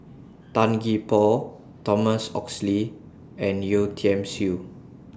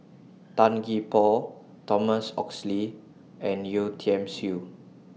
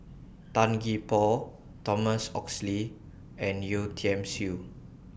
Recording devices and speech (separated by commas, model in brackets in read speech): standing microphone (AKG C214), mobile phone (iPhone 6), boundary microphone (BM630), read sentence